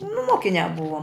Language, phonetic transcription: Lithuanian, nu ˈmokiniā ˈbuvom

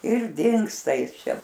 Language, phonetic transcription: Lithuanian, ir ˈdingsta ˈjis ˈčia

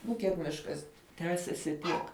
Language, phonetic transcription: Lithuanian, ˈnu kiek ˈmiškas ˈtęsiasi ˈtiek

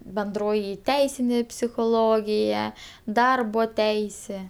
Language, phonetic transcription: Lithuanian, benˈdroji ˈteisinė psichoˈlogija ˈdarbo ˈteisė

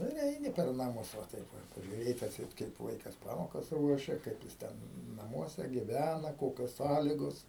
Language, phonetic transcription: Lithuanian, ˈnu ir ˈeini per naˈmus va ˈtaip ˈva pažiuˈrėt' atˈseit kaip ˈvaikas ˈpamokas ˈruošia ˈkaip jis ˈten naˈmuose giˈvæna ˈkokios ˈsąligos

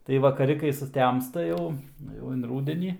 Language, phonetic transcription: Lithuanian, tai vakaˈri kai suˈtemsta ˈjau ˈjau in ˈrūdenį

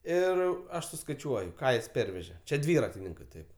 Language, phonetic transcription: Lithuanian, ˈir ˈaš suskaiˈčiuoju ˈką jis ˈperveže ˈčia ˈdvyratininkɜ ˈtaip

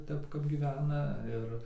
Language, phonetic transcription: Lithuanian, ˈtep kap gyˈvena ˈir

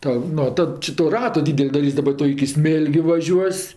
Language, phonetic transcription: Lithuanian, ˈta ˈno ˈtad či to ˈrato ˈdydel' daˈrys' daˈba ˈtu iki ˈsmėlgiu vaˈžiuos'

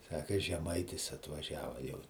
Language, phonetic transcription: Lithuanian, ˈsaka žeˈmaitis atvaˈžiava jau

